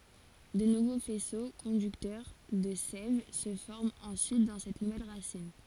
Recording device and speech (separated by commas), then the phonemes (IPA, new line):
forehead accelerometer, read sentence
də nuvo fɛso kɔ̃dyktœʁ də sɛv sə fɔʁmt ɑ̃syit dɑ̃ sɛt nuvɛl ʁasin